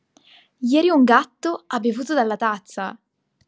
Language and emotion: Italian, surprised